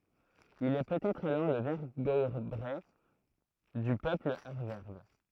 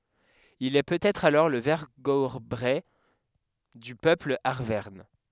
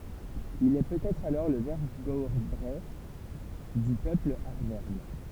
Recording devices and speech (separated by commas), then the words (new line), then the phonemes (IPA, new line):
throat microphone, headset microphone, temple vibration pickup, read sentence
Il est peut-être alors le vergobret du peuple arverne.
il ɛ pøtɛtʁ alɔʁ lə vɛʁɡɔbʁɛ dy pøpl aʁvɛʁn